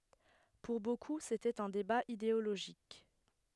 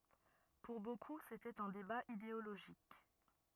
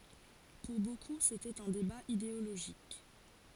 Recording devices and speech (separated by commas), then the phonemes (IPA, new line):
headset microphone, rigid in-ear microphone, forehead accelerometer, read sentence
puʁ boku setɛt œ̃ deba ideoloʒik